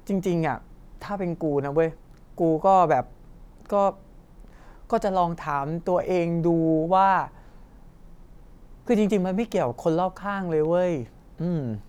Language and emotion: Thai, frustrated